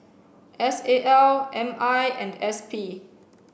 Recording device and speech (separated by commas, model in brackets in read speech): boundary microphone (BM630), read sentence